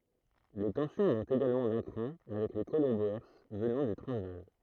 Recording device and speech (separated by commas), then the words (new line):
throat microphone, read sentence
Les tensions montent également d'un cran avec les colons Boers venant du Transvaal.